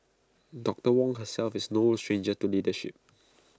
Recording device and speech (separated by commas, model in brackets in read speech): close-talking microphone (WH20), read sentence